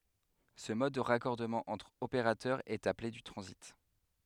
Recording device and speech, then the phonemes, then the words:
headset microphone, read sentence
sə mɔd də ʁakɔʁdəmɑ̃ ɑ̃tʁ opeʁatœʁ ɛt aple dy tʁɑ̃zit
Ce mode de raccordement entre opérateur, est appelé du transit.

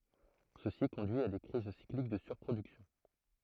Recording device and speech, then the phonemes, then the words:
throat microphone, read sentence
səsi kɔ̃dyi a de kʁiz siklik də syʁpʁodyksjɔ̃
Ceci conduit à des crises cycliques de surproduction.

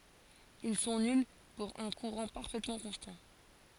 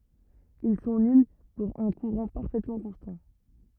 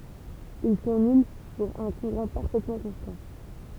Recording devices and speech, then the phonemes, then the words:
forehead accelerometer, rigid in-ear microphone, temple vibration pickup, read sentence
il sɔ̃ nyl puʁ œ̃ kuʁɑ̃ paʁfɛtmɑ̃ kɔ̃stɑ̃
Ils sont nuls pour un courant parfaitement constant.

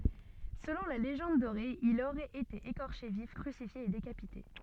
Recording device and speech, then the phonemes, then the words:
soft in-ear microphone, read sentence
səlɔ̃ la leʒɑ̃d doʁe il oʁɛt ete ekɔʁʃe vif kʁysifje e dekapite
Selon la Légende dorée, il aurait été écorché vif, crucifié et décapité.

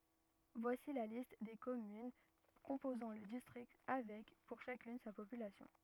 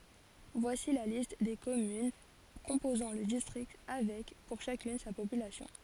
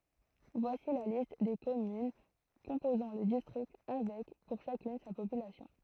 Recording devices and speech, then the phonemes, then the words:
rigid in-ear microphone, forehead accelerometer, throat microphone, read sentence
vwasi la list de kɔmyn kɔ̃pozɑ̃ lə distʁikt avɛk puʁ ʃakyn sa popylasjɔ̃
Voici la liste des communes composant le district avec, pour chacune, sa population.

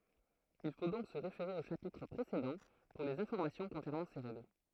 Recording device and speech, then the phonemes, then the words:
throat microphone, read sentence
il fo dɔ̃k sə ʁefeʁe o ʃapitʁ pʁesedɑ̃ puʁ lez ɛ̃fɔʁmasjɔ̃ kɔ̃sɛʁnɑ̃ se ʁɛɡl
Il faut donc se référer aux chapitres précédents pour les informations concernant ces règles.

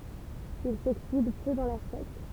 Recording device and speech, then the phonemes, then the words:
temple vibration pickup, read sentence
il soksid pø dɑ̃ lɛʁ sɛk
Il s'oxyde peu dans l'air sec.

